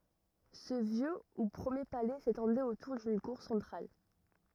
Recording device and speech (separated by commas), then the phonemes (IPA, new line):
rigid in-ear microphone, read sentence
sə vjø u pʁəmje palɛ setɑ̃dɛt otuʁ dyn kuʁ sɑ̃tʁal